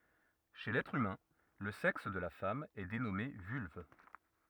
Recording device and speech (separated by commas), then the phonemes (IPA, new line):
rigid in-ear microphone, read sentence
ʃe lɛtʁ ymɛ̃ lə sɛks də la fam ɛ denɔme vylv